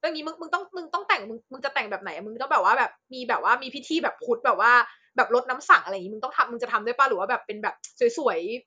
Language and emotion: Thai, happy